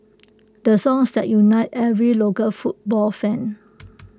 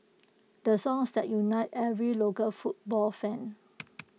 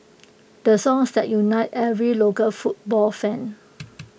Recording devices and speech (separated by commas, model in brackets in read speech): close-talking microphone (WH20), mobile phone (iPhone 6), boundary microphone (BM630), read sentence